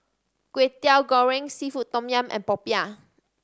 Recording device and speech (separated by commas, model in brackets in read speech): standing microphone (AKG C214), read sentence